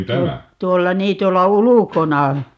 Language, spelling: Finnish, - tuolla niin tuolla ulkona
- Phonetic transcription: tuo- , 'tuolla "nii 'tuolla "ulukona .

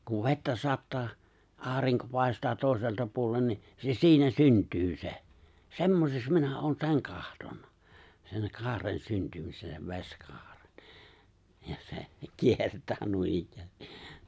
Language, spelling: Finnish, kun vettä sataa aurinko paistaa toiselta puolen niin se siinä syntyy se semmoiseksi minä olen sen katsonut sen kaaren syntymisen sen vesikaaren ja se kiertää noinikään
- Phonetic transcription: kuv 've̬ttä 'sattaa , '’aariŋko 'pài̬staa 'tòi̬selta puolen ni , se 'siinä 'synt̀yy se , 'semmoseks 'minä 'oon "seŋ 'kahtonna , 'seŋ "kaaren 'syntymisen sev "veskaaren , ja se , 'kiertää nuinikk(äästi) .

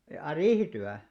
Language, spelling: Finnish, jaa riihityö
- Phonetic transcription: jaa "riihityä ?

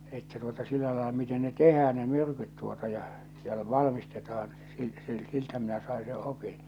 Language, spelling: Finnish, että tuota sillä lailla miten ne tehdään ne myrkyt tuota ja ja - valmistetaan - - siltä minä sain se opin
- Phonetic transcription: että tuota 'sillä laela miten ne "tehään ne 'myrkyt tuota ja , ja l- "valmistetaan sil- sil- 'siltä minä sàe se 'opin .

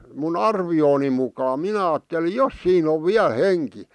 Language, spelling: Finnish, minun arvioni mukaan minä ajattelin jos siinä on vielä henki
- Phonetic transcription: mu"n ‿arvi₍ooni mukaa 'minä aatteli "jos siin ‿ov 'viäˡ 'henki .

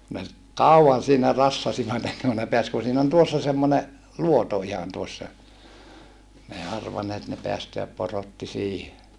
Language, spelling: Finnish, ne kauan siinä rassasivat ennen kuin ne pääsi kun siinä on tuossa semmoinen luoto ihan tuossa ne ei arvanneet ne päästää porotti siihen
- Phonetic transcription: ne , kau₍an siinä rassasivat ‿enneŋ ku ne peäs ku siin ‿on tuossa semmone , luoto ihan tuossa , n ‿ei arvanneet ne peästeäp porotti siihe .

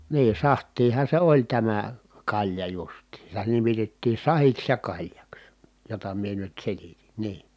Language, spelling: Finnish, niin sahtiahan se oli tämä kalja justiinsa sitä nimitettiin sahdiksi ja kaljaksi jota minä nyt selitin niin
- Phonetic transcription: nii saht̀iiha se oĺ tämä , kaĺja justiin̬ sitä nimitettii sahiks ja kaĺjaks , jota mie nyt selitin̬ , nii .

